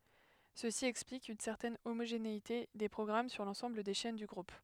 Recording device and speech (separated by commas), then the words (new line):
headset microphone, read sentence
Ceci explique une certaine homogénéité des programmes sur l'ensemble des chaînes du groupe.